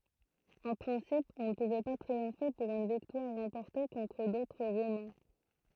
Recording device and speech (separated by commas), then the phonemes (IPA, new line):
throat microphone, read sentence
ɑ̃ pʁɛ̃sip ɔ̃ nə puvɛ pa tʁiɔ̃fe puʁ yn viktwaʁ ʁɑ̃pɔʁte kɔ̃tʁ dotʁ ʁomɛ̃